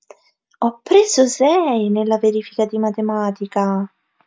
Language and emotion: Italian, surprised